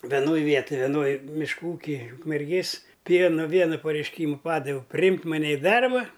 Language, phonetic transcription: Lithuanian, veˈnoj ˈvietoj veˈnoj mišˈkų ˈūkij ukmerˈgės ˈpieno ˈviena pareišˈkymu ˈpadaviau priˈjimk maˈne i ˈdarba

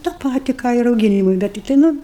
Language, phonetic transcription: Lithuanian, tą ˈpati ˈką i rauˈginimui ˈbet tikˈtai ˈnu

